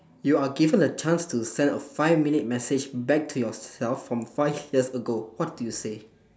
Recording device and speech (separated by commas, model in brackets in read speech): standing microphone, conversation in separate rooms